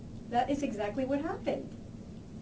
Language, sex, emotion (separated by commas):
English, female, happy